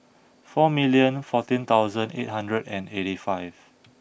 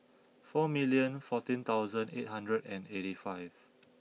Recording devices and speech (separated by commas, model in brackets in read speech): boundary microphone (BM630), mobile phone (iPhone 6), read sentence